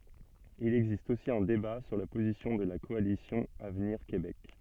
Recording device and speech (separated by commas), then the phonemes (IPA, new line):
soft in-ear microphone, read sentence
il ɛɡzist osi œ̃ deba syʁ la pozisjɔ̃ də la kɔalisjɔ̃ avniʁ kebɛk